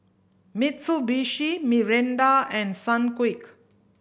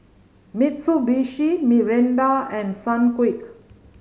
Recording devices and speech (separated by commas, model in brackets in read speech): boundary microphone (BM630), mobile phone (Samsung C5010), read sentence